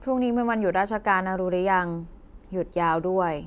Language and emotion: Thai, neutral